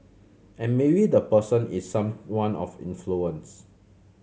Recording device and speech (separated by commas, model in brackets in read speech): mobile phone (Samsung C7100), read sentence